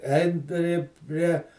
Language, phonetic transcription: Lithuanian, ˈein ˈpri ˈprie

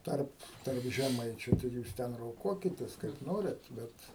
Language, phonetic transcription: Lithuanian, ˈtarp tarp žeˈmaičiu ˈtai ˈjūs ˈten roˈkuokitės kaip ˈnoriat ˈbet

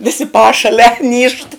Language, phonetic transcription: Lithuanian, viˈsi ˈpašalia nyžt

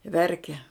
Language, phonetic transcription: Lithuanian, ˈverkia

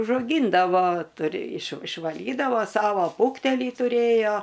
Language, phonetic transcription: Lithuanian, užauˈgyndavo ˈturi iš išvaˈlydavo ˈsavo ˈfūktelį tuˈrėjo

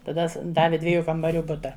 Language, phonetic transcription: Lithuanian, taˈda s ˈdavi ˈdviejų kambaˈrių ˈbuta

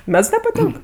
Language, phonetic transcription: Lithuanian, ˈmeds nepaˈtink

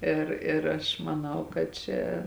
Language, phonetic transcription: Lithuanian, ˈir ir ˈaš maˈnau kad ˈčia

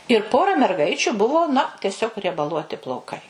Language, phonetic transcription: Lithuanian, ir ˈpora merˈgaičiu ˈbuvo na teˈsiog riebaˈluoti plauˈkai

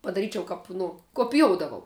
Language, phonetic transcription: Lithuanian, padaˈryčiau ˈkap nu kopiˈjoudavau

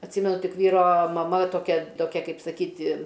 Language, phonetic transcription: Lithuanian, atˈsymenu ˈtik ˈvyro maˈma toˈkia toˈkia ˈkaip saˈkyti

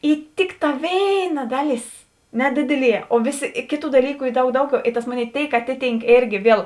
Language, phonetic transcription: Lithuanian, i ˈtikˌtā ˈvėiˌna ˈdaˌlės ˈnedidiˌlie o ˈvėˌsi ˈkėˌtų daˈlyku ˈy ˈdaug ˈdauˌgiau i tas ˈmoˌnėi ˈtėik ˈatiˌtynk ˈėrgi ˈviel

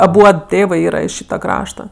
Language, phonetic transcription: Lithuanian, aˈbuod ˈtėvɜ ˈyra iš ˈšyta ˈkrašta

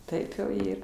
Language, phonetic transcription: Lithuanian, ˈtaip jau ˈyr

